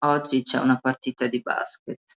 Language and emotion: Italian, disgusted